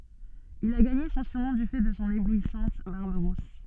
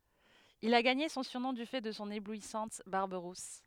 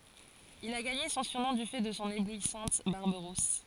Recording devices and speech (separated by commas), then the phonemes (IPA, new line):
soft in-ear microphone, headset microphone, forehead accelerometer, read sentence
il a ɡaɲe sɔ̃ syʁnɔ̃ dy fɛ də sɔ̃ eblwisɑ̃t baʁb ʁus